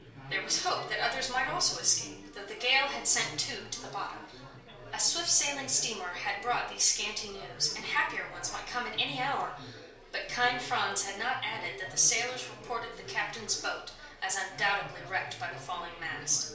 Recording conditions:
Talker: one person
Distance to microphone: 1.0 m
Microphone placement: close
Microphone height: 1.1 m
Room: small (3.7 m by 2.7 m)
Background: babble

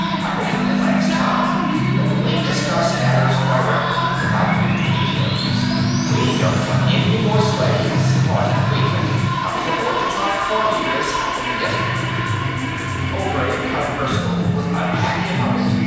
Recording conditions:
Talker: one person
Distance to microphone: 7.1 m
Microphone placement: far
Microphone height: 1.7 m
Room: very reverberant, large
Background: music

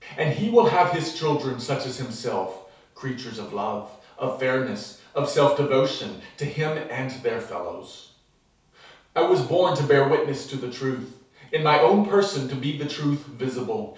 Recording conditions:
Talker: one person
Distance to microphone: 3.0 m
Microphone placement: far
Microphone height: 1.8 m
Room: small (3.7 m by 2.7 m)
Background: none

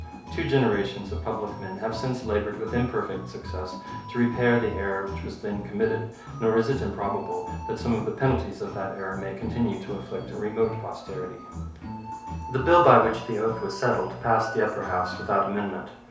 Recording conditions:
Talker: one person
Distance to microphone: 3.0 m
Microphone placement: far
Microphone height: 1.8 m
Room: small (3.7 m by 2.7 m)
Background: music

